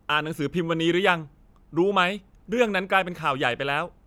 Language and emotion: Thai, frustrated